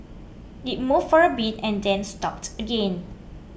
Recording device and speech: boundary microphone (BM630), read sentence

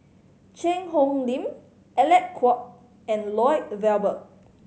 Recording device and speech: mobile phone (Samsung C5010), read sentence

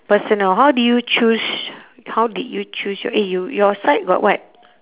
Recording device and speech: telephone, conversation in separate rooms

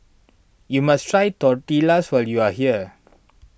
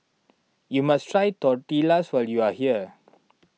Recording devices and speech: boundary microphone (BM630), mobile phone (iPhone 6), read sentence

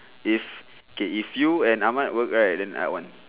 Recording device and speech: telephone, conversation in separate rooms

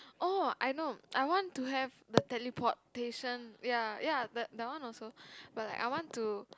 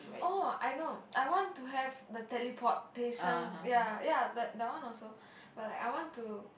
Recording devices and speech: close-talking microphone, boundary microphone, conversation in the same room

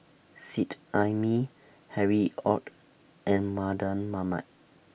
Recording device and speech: boundary microphone (BM630), read sentence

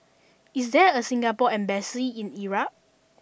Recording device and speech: boundary microphone (BM630), read sentence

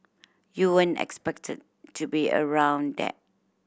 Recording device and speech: boundary microphone (BM630), read sentence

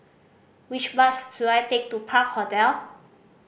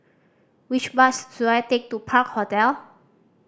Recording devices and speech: boundary microphone (BM630), standing microphone (AKG C214), read sentence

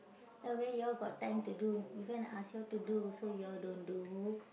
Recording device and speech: boundary microphone, conversation in the same room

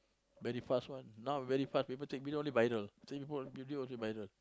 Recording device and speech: close-talking microphone, conversation in the same room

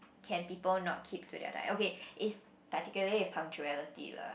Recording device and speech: boundary microphone, conversation in the same room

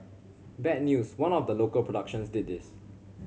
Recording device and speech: mobile phone (Samsung C7100), read sentence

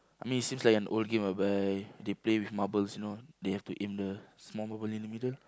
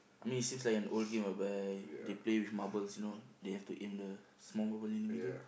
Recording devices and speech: close-talking microphone, boundary microphone, conversation in the same room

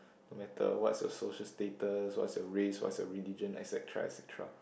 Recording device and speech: boundary microphone, conversation in the same room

